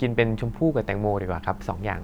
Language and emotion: Thai, neutral